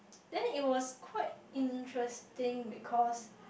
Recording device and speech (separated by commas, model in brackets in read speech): boundary microphone, conversation in the same room